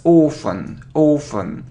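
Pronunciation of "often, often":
'Often' is said without a t sound both times.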